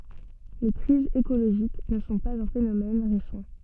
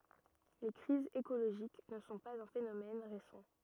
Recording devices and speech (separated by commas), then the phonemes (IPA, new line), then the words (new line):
soft in-ear microphone, rigid in-ear microphone, read sentence
le kʁizz ekoloʒik nə sɔ̃ paz œ̃ fenomɛn ʁesɑ̃
Les crises écologiques ne sont pas un phénomène récent.